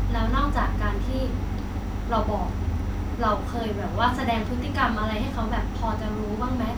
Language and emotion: Thai, neutral